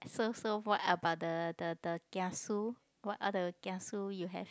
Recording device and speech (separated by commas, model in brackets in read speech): close-talking microphone, conversation in the same room